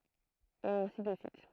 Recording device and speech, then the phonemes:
throat microphone, read sentence
e ɛ̃si də syit

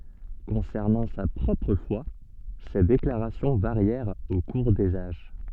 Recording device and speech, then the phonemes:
soft in-ear microphone, read sentence
kɔ̃sɛʁnɑ̃ sa pʁɔpʁ fwa se deklaʁasjɔ̃ vaʁjɛʁt o kuʁ dez aʒ

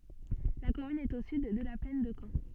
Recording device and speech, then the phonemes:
soft in-ear microphone, read sentence
la kɔmyn ɛt o syd də la plɛn də kɑ̃

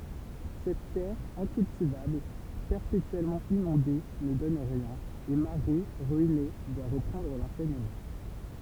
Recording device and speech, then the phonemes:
temple vibration pickup, read sentence
sɛt tɛʁ ɛ̃kyltivabl pɛʁpetyɛlmɑ̃ inɔ̃de nə dɔn ʁiɛ̃n e maʁi ʁyine dwa ʁəpʁɑ̃dʁ lɑ̃sɛɲəmɑ̃

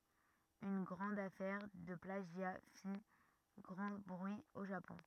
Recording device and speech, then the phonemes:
rigid in-ear microphone, read sentence
yn ɡʁɑ̃d afɛʁ də plaʒja fi ɡʁɑ̃ bʁyi o ʒapɔ̃

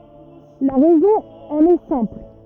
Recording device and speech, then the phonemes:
rigid in-ear microphone, read sentence
la ʁɛzɔ̃ ɑ̃n ɛ sɛ̃pl

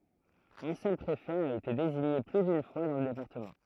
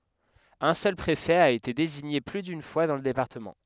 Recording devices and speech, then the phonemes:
throat microphone, headset microphone, read sentence
œ̃ sœl pʁefɛ a ete deziɲe ply dyn fwa dɑ̃ lə depaʁtəmɑ̃

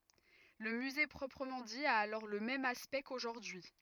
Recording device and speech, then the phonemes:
rigid in-ear microphone, read sentence
lə myze pʁɔpʁəmɑ̃ di a alɔʁ lə mɛm aspɛkt koʒuʁdyi

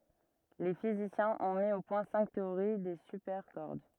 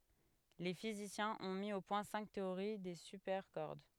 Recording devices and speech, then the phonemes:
rigid in-ear microphone, headset microphone, read sentence
le fizisjɛ̃z ɔ̃ mi o pwɛ̃ sɛ̃k teoʁi de sypɛʁkɔʁd

